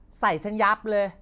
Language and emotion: Thai, frustrated